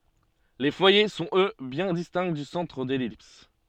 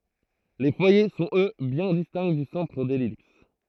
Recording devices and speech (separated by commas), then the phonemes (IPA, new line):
soft in-ear microphone, throat microphone, read sentence
le fwaje sɔ̃t ø bjɛ̃ distɛ̃ dy sɑ̃tʁ də lɛlips